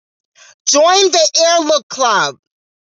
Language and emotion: English, neutral